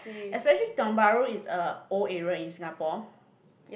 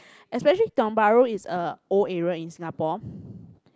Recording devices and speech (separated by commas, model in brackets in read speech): boundary microphone, close-talking microphone, conversation in the same room